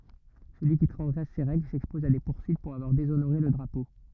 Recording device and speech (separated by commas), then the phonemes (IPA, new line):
rigid in-ear microphone, read sentence
səlyi ki tʁɑ̃zɡʁɛs se ʁɛɡl sɛkspɔz a de puʁsyit puʁ avwaʁ dezonoʁe lə dʁapo